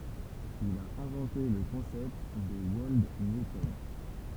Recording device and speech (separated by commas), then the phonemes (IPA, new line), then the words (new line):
temple vibration pickup, read sentence
il a ɛ̃vɑ̃te lə kɔ̃sɛpt də wɔld njutɔn
Il a inventé le concept de Wold Newton.